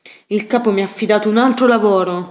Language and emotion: Italian, angry